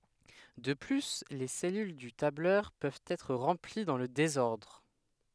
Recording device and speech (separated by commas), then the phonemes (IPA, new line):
headset microphone, read sentence
də ply le sɛlyl dy tablœʁ pøvt ɛtʁ ʁɑ̃pli dɑ̃ lə dezɔʁdʁ